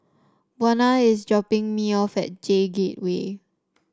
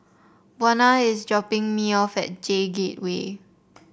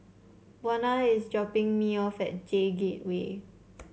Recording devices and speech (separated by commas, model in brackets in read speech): standing microphone (AKG C214), boundary microphone (BM630), mobile phone (Samsung C7), read sentence